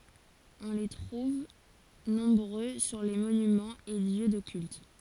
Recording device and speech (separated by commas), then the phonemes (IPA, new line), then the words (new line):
forehead accelerometer, read sentence
ɔ̃ le tʁuv nɔ̃bʁø syʁ le monymɑ̃z e ljø də kylt
On les trouve nombreux sur les monuments et lieux de cultes.